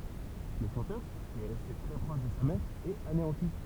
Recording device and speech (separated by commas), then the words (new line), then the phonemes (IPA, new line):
temple vibration pickup, read sentence
Le chanteur, qui est resté très proche de sa mère, est anéanti.
lə ʃɑ̃tœʁ ki ɛ ʁɛste tʁɛ pʁɔʃ də sa mɛʁ ɛt aneɑ̃ti